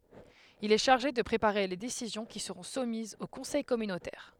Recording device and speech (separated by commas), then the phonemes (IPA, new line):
headset microphone, read sentence
il ɛ ʃaʁʒe də pʁepaʁe le desizjɔ̃ ki səʁɔ̃ sumizz o kɔ̃sɛj kɔmynotɛʁ